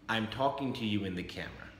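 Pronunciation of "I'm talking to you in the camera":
This is said as a plain statement of fact. The intonation starts high and falls.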